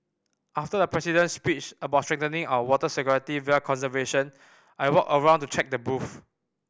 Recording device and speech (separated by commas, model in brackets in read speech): boundary microphone (BM630), read sentence